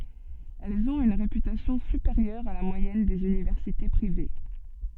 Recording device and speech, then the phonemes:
soft in-ear microphone, read sentence
ɛlz ɔ̃t yn ʁepytasjɔ̃ sypeʁjœʁ a la mwajɛn dez ynivɛʁsite pʁive

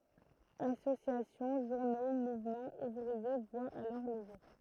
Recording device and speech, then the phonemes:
throat microphone, read sentence
asosjasjɔ̃ ʒuʁno muvmɑ̃z uvʁie vwat alɔʁ lə ʒuʁ

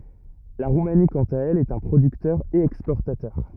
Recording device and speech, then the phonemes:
rigid in-ear microphone, read sentence
la ʁumani kɑ̃t a ɛl ɛt œ̃ pʁodyktœʁ e ɛkspɔʁtatœʁ

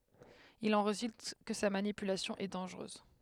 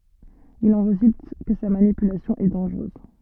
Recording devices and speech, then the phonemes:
headset microphone, soft in-ear microphone, read sentence
il ɑ̃ ʁezylt kə sa manipylasjɔ̃ ɛ dɑ̃ʒʁøz

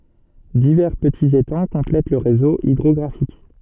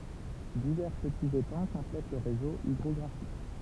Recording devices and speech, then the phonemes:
soft in-ear microphone, temple vibration pickup, read sentence
divɛʁ pətiz etɑ̃ kɔ̃plɛt lə ʁezo idʁɔɡʁafik

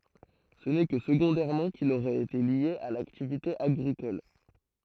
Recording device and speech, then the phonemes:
throat microphone, read sentence
sə nɛ kə səɡɔ̃dɛʁmɑ̃ kil oʁɛt ete lje a laktivite aɡʁikɔl

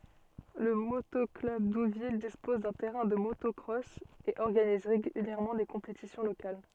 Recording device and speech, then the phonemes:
soft in-ear microphone, read sentence
lə moto klœb duvil dispɔz dœ̃ tɛʁɛ̃ də motɔkʁɔs e ɔʁɡaniz ʁeɡyljɛʁmɑ̃ de kɔ̃petisjɔ̃ lokal

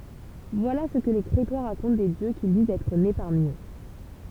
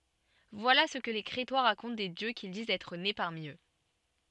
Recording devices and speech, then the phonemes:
temple vibration pickup, soft in-ear microphone, read sentence
vwala sə kə le kʁetwa ʁakɔ̃t de djø kil dizt ɛtʁ ne paʁmi ø

